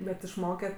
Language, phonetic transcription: Lithuanian, bet išˈmoke

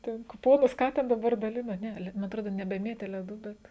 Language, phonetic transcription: Lithuanian, ˈten kuˈponus ˈką ten daˈbar daˈlino ˈne le ma atˈrodo nebeˈmėtė leˈdų ˈbet

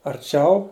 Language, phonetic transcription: Lithuanian, arˈčiau

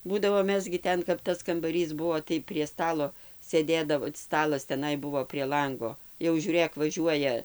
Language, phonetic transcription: Lithuanian, ˈbūdavo ˈmes gi ˈten kap ˈtas kambaˈrys ˈbuo tai prie ˈstalo sėˈdėdavo ˈstalas teˈnai ˈbuvo prie ˈlango jau ˈžiūrėk vaˈžiuoja

